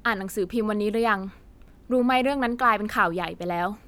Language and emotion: Thai, neutral